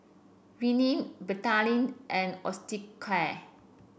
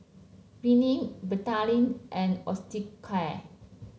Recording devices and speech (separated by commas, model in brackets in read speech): boundary microphone (BM630), mobile phone (Samsung C7), read sentence